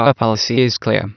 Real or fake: fake